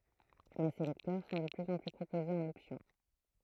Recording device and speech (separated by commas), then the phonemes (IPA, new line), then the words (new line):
throat microphone, read sentence
mɛ se lɛktœʁ sɔ̃ də plyz ɑ̃ ply pʁopozez ɑ̃n ɔpsjɔ̃
Mais ces lecteurs sont de plus en plus proposés en option.